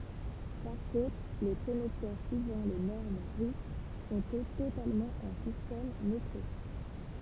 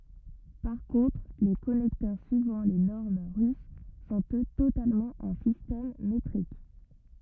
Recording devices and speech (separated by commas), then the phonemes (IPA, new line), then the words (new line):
temple vibration pickup, rigid in-ear microphone, read sentence
paʁ kɔ̃tʁ le kɔnɛktœʁ syivɑ̃ le nɔʁm ʁys sɔ̃t ø totalmɑ̃ ɑ̃ sistɛm metʁik
Par contre les connecteurs suivant les normes russes sont eux totalement en système métrique.